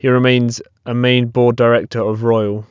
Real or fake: real